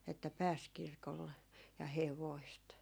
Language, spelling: Finnish, että pääsi kirkolle ja hevoset
- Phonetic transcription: että "pääs 'kirkolle , ja "hevoist .

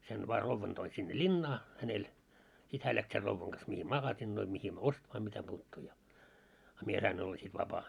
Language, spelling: Finnish, sen vain rouvan toin sinne linnaan hänellä sitten hän lähti sen rouvan kanssa mihin makasiineihin mihin ostamaan mitä puuttuu ja a minä sain olla sitten vapaa
- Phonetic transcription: sen vaa 'rovvan toin sinne "ĺinnaa , hänel , 'sit hää läks ser 'rovvaŋ ɢas mihii "magasinnoi mihim "ostmaa mitäpuuttuu ja , a 'mie sain olla sit 'vapaa .

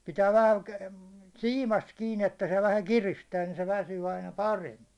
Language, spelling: Finnish, pitää vähän siimasta kiinni että se vähän kiristää niin se väsyy aina paremmin
- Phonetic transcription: pitää vähä , 'siimast kiin ‿että se vähä 'kiristää ni se 'väsyy aina "paremmi .

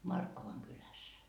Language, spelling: Finnish, Markkovan kylässä
- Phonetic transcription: "Markkovaŋ 'kyläs .

